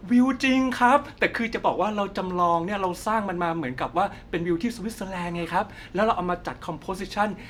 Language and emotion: Thai, happy